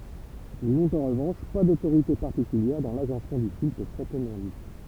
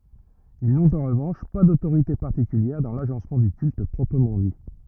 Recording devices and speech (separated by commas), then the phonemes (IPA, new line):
temple vibration pickup, rigid in-ear microphone, read sentence
il nɔ̃t ɑ̃ ʁəvɑ̃ʃ pa dotoʁite paʁtikyljɛʁ dɑ̃ laʒɑ̃smɑ̃ dy kylt pʁɔpʁəmɑ̃ di